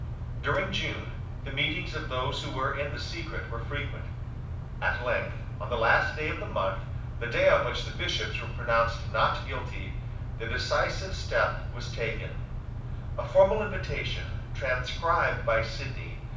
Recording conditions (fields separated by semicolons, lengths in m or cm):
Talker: one person; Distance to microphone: 5.8 m; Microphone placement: far; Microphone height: 1.8 m; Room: medium-sized (5.7 m by 4.0 m); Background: none